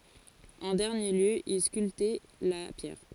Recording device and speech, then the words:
forehead accelerometer, read sentence
En dernier lieu, il sculptait la pierre.

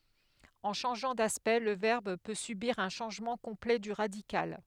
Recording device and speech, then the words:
headset microphone, read sentence
En changeant d'aspect le verbe peut subir un changement complet du radical.

